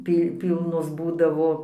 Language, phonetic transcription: Lithuanian, ˈpy ˈpylnos ˈbūdavo

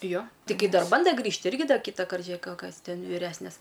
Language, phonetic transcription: Lithuanian, jo tiˈgi ˈdar ˈbanda ˈgrįžt ˈirgi ˈda ˈkytakart žiuˈėk ˈkas ˈten vyˈresnės

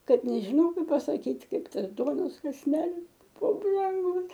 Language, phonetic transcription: Lithuanian, ˈkad nežiˈnau ˈkaip pasaˈkyt' ˈkaip ˈtas ˈduonos kasˈnelis ˈbu branˈgus

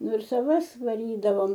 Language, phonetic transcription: Lithuanian, ˈnu ir saˈvas vaˈrydavom

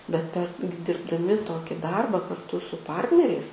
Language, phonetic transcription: Lithuanian, bet ˈper gi dirbdaˈmi ˈtoki ˈdarba karˈtu su ˈpartneriais

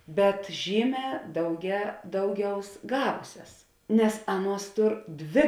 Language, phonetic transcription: Lithuanian, bet ˈžyˌmē dauge ˈdauˌgiaus ˈgavusias nes ˈaˌnuos ˈtur ˈdvė

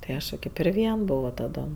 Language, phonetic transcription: Lithuanian, tai ˈaš jau ˈkaip ir ˈvien ˈbovo taˈdom

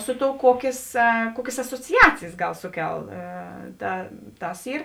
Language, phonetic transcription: Lithuanian, ˈsu ˌtou ˈkuokės ˈkuokės asociˈacijės ˈgal ˈsuˌkel ˈta ˈtas ˈyr

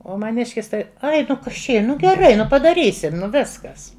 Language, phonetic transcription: Lithuanian, ˈo maˈniškis ˈtai ˈai nu ˈkas čia ˈy ˈnu geˈrai ˈnu padaˈrysim ˈnu ˈviskas

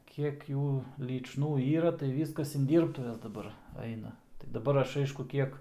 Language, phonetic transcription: Lithuanian, ˈkiek ˈjų lyčˈnų ˈyra tai ˈvyskas in ˈdyrbtuves daˈbar ˈaina tai daˈbar ˈaš ˈaišku ˈkiek

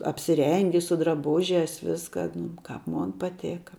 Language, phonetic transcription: Lithuanian, apsiˈrengi su draˈbužias ˈviska nu ˈkap ˈmon paˈtėka

